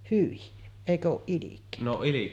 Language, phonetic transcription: Finnish, "hyi , 'èikö ooˀ 'ˀilik̀èöttä .
- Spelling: hyi eikö ole ilkeyttä

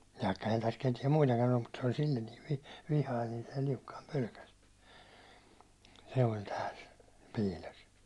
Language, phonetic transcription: Finnish, vaikka ehän täs ketiɛm 'muitakan ‿ollu mut se oĺ sil̜l̜en niiv vi- , 'vihain ni , se Liukkaim 'pölkäs , se oĺ tääl , 'piil̜os .
- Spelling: vaikka eihän tässä ketään muitakaan ollut mutta se oli sille niin - vihainen niin se Liukkanen pelkäsi se oli täällä piilossa

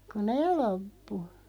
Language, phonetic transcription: Finnish, ku "neeˡ 'loppu .
- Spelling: kun ne loppui

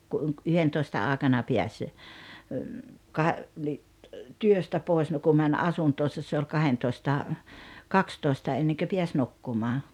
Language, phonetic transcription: Finnish, ku ’uŋk-'yhentoista 'àekana piäs , ka- , ni , "työstä 'pòes no 'ku mäń "asuntoosas se oĺ 'kahentòⁱsta , "kakstòi̬sta 'enneŋkö 'piäs "nukkumaa .
- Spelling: kun yhdentoista aikana pääsi - niin työstä pois no kun meni asuntoonsa se oli kahdentoista kaksitoista ennen pääsi nukkumaan

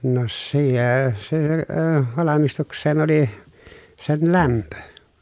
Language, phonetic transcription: Finnish, no siee- se əə , valamistuks̀een ‿oli , sen lämpö .
- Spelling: no - se - valmistukseen oli sen lämpö

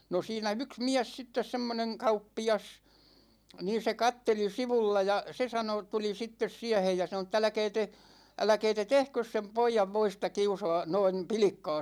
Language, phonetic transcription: Finnish, no 'siinä "yks 'miäs sittes 'semmoneŋ "kauppi₍as , 'niin̬ se "katteli 'sivulla ja , 'se sano , 'tuli 'sittes 'siähej ja sano ‿t̆'t‿ » älᵃ̈kɛɛ te , 'älᵃ̈kɛɛ te "tehkös sem 'poijav voista 'kiusoa , 'noin̬ , "pilⁱkka̭a̭ .
- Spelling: no siinä yksi mies sitten semmoinen kauppias niin se katseli sivulla ja se sanoi tuli sitten siihen ja sanoi että älkää te älkää te tehkö sen pojan voista kiusaa noin pilkkaa

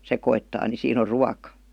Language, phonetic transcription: Finnish, sekoittaa ni 'siin ‿o "ruaka .
- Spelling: sekoittaa niin siinä on ruoka

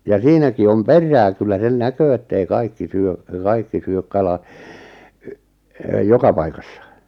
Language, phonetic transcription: Finnish, ja "siinäki 'om "per̆rää kyllä 'sen "näköö ettei "kaikki "syö , 'kaikki 'syök 'kala , y’- , 'joka paikassa .
- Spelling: ja siinäkin on perää kyllä sen näkee että ei kaikki syö kaikki syö kala - joka paikassa

